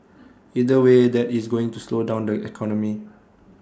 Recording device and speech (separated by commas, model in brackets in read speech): standing microphone (AKG C214), read sentence